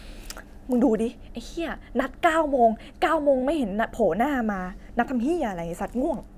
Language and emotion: Thai, angry